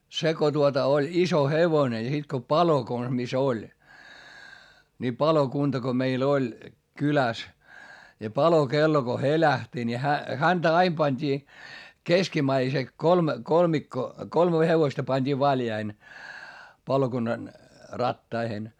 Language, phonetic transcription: Finnish, se ko tuota oĺ iso hevone ja sit ko palo kons mis ‿oĺ , ni palokunta ko meil ‿oĺ , kyläs , ja palokello ko helähti ni hä , häntä aim pańD'ii , keskimäise , kolme , kolmikko , kolme hevosta pańD'ii valjaiʰᵉⁿ , palokunnan , rattaihen .
- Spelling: se kun tuota oli iso hevonen ja sitten kun palo konsa missä oli niin palokunta kun meillä oli kylässä ja palokello kun helähti niin hän häntä aina pantiin keskimmäisen kolme kolmikko kolme hevosta pantiin valjaisiin palokunnan rattaisiin

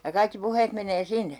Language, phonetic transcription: Finnish, ja kaikki "puheet menee 'sinne ?
- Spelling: ja kaikki puheet menee sinne

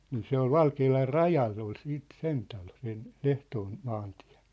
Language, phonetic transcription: Finnish, nii 'se ‿ol "Valkeelar "rajall ‿ol 'siit "sen talo 'sen , "ʟehtoon , "maantɪᴀ̭̈ .
- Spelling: niin se oli Valkealan rajalla oli sitten sen talo sen Lehtoon maantie

